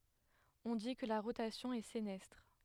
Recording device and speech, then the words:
headset microphone, read sentence
On dit que la rotation est sénestre.

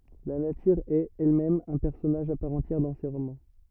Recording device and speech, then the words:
rigid in-ear microphone, read sentence
La nature est, elle-même, un personnage à part entière dans ses romans.

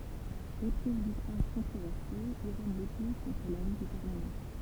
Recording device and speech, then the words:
temple vibration pickup, read sentence
Éprise du prince controversé, Irène l'épouse contre l'avis du Parlement.

